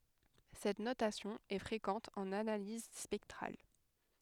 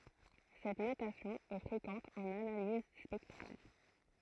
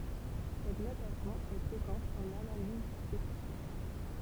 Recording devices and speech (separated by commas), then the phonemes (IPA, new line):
headset microphone, throat microphone, temple vibration pickup, read sentence
sɛt notasjɔ̃ ɛ fʁekɑ̃t ɑ̃n analiz spɛktʁal